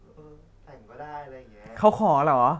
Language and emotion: Thai, happy